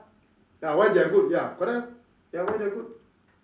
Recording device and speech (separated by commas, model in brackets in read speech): standing microphone, conversation in separate rooms